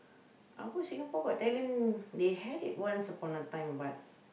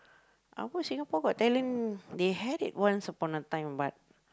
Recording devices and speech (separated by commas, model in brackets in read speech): boundary microphone, close-talking microphone, conversation in the same room